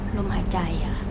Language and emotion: Thai, neutral